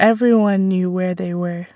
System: none